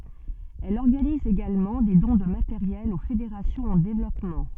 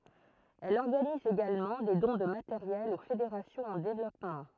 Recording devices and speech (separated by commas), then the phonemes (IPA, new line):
soft in-ear microphone, throat microphone, read sentence
ɛl ɔʁɡaniz eɡalmɑ̃ de dɔ̃ də mateʁjɛl o fedeʁasjɔ̃z ɑ̃ devlɔpmɑ̃